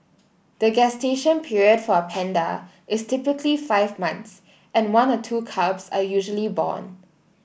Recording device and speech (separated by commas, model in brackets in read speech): boundary microphone (BM630), read sentence